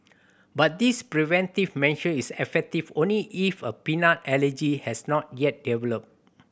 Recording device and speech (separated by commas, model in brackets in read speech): boundary microphone (BM630), read sentence